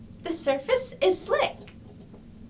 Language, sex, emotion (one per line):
English
female
happy